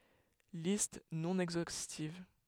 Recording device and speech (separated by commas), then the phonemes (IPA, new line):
headset microphone, read sentence
list nɔ̃ ɛɡzostiv